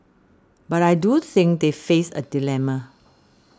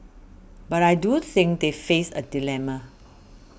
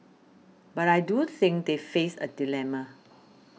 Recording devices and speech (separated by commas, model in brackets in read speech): standing microphone (AKG C214), boundary microphone (BM630), mobile phone (iPhone 6), read sentence